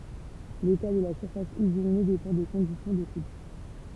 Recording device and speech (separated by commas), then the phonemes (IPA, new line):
temple vibration pickup, read sentence
leta də la syʁfas yzine depɑ̃ de kɔ̃disjɔ̃ də kup